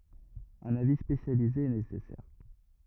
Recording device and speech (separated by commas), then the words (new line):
rigid in-ear microphone, read sentence
Un avis spécialisé est nécessaire.